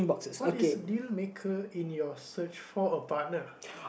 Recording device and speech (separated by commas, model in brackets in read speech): boundary microphone, conversation in the same room